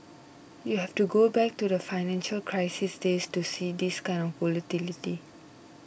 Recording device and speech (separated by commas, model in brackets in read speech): boundary microphone (BM630), read sentence